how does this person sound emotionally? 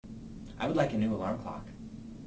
neutral